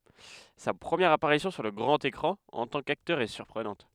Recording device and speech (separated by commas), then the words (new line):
headset microphone, read sentence
Sa première apparition sur le grand écran en tant qu'acteur est surprenante.